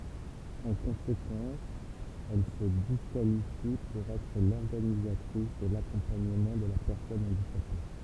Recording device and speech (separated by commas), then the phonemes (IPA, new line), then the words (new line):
temple vibration pickup, read sentence
ɑ̃ kɔ̃sekɑ̃s ɛl sə diskalifi puʁ ɛtʁ lɔʁɡanizatʁis də lakɔ̃paɲəmɑ̃ də la pɛʁsɔn ɑ̃dikape
En conséquence, elle se disqualifie pour être l'organisatrice de l'accompagnement de la personne handicapée.